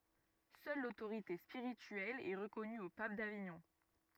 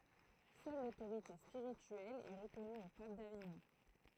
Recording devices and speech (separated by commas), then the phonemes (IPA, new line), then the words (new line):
rigid in-ear microphone, throat microphone, read sentence
sœl lotoʁite spiʁityɛl ɛ ʁəkɔny o pap daviɲɔ̃
Seule l'autorité spirituelle est reconnue au pape d'Avignon.